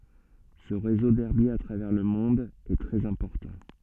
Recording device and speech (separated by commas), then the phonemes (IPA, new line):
soft in-ear microphone, read sentence
sə ʁezo dɛʁbjez a tʁavɛʁ lə mɔ̃d ɛ tʁɛz ɛ̃pɔʁtɑ̃